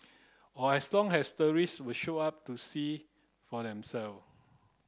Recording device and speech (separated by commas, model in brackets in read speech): close-talking microphone (WH30), read sentence